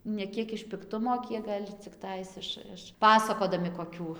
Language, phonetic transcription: Lithuanian, ne ˈkiek iš pikˈtumo ˈkiek gal' cikˈtais ˈiš iš ˈpasakodami koˈkių

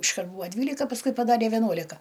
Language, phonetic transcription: Lithuanian, išˈkart ˈbūa ˈdvylika pasˈkui paˈdarė veˈnuolika

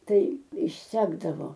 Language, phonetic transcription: Lithuanian, ˈtai išˈsekdavo

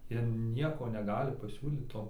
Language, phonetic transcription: Lithuanian, ˈjie ˈnieko neˈgali paˈsiūlyt ˈto

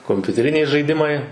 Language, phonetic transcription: Lithuanian, kompiuteˈriniai žaiˈdimai

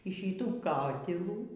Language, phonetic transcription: Lithuanian, y ˈšytų ˈkatilų

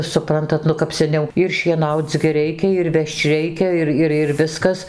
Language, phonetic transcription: Lithuanian, suˈprantat ˈnu kap seˈniau ir šieˈnauc gi ˈreikia ir ˈvežč ˈreikia ˈir ˈir ir ˈviskas

